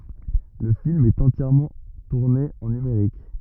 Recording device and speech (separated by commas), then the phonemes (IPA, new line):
rigid in-ear microphone, read sentence
lə film ɛt ɑ̃tjɛʁmɑ̃ tuʁne ɑ̃ nymeʁik